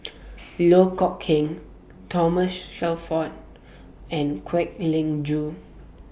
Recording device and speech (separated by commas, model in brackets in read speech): boundary microphone (BM630), read sentence